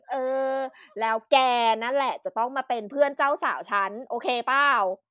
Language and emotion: Thai, happy